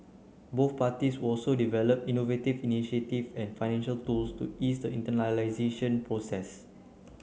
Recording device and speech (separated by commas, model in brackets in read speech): mobile phone (Samsung C9), read sentence